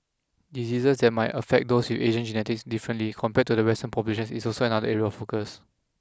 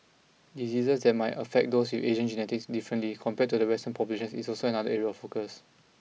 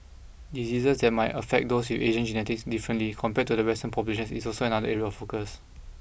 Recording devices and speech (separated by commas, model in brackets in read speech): close-talking microphone (WH20), mobile phone (iPhone 6), boundary microphone (BM630), read sentence